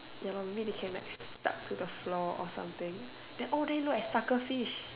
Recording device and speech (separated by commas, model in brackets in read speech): telephone, conversation in separate rooms